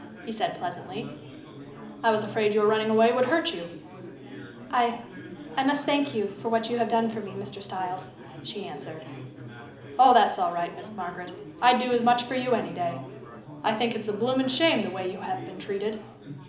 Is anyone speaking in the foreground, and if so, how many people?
One person.